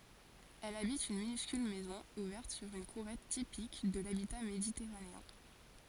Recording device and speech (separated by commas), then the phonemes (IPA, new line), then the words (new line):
forehead accelerometer, read sentence
ɛl abit yn minyskyl mɛzɔ̃ uvɛʁt syʁ yn kuʁɛt tipik də labita meditɛʁaneɛ̃
Elle habite une minuscule maison ouverte sur une courette typique de l'habitat méditerranéen.